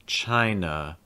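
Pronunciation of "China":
The final uh sound at the end of 'China' is said clearly.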